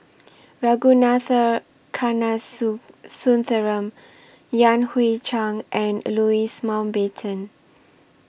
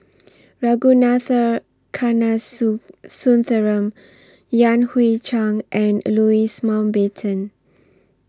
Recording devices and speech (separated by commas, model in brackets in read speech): boundary microphone (BM630), standing microphone (AKG C214), read sentence